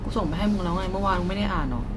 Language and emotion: Thai, frustrated